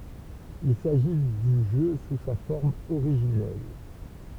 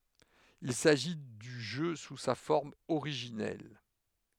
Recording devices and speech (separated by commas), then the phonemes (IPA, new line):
temple vibration pickup, headset microphone, read sentence
il saʒi dy ʒø su sa fɔʁm oʁiʒinɛl